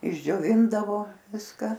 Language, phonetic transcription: Lithuanian, išdžioˈvindavo ˈviska

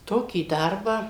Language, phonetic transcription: Lithuanian, ˈtokį ˈdarbą

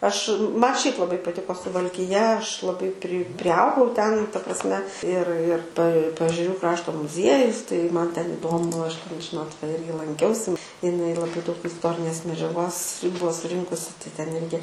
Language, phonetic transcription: Lithuanian, ˈaš ˈma ˈšiaip laˈbai paˈtiko suvalkiˈja ˈaš laˈbai pri priˈaugau ten ta prasˈme ir ir pa paežeˈrių ˈkrašto muzˈiejus tai ˈman ten iˈdomu aš ten ˈžinot va ˈirgi lanˈkiausi iˈnai laˈbai daug isˈtorinės medžiaˈgos ˈbuo suˈrinkusi tai ˈten ˈirgi

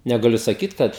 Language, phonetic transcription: Lithuanian, negaˈliu saˈkyt ˈkad

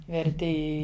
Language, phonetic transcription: Lithuanian, verˈti ˈi

